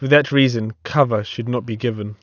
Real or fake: real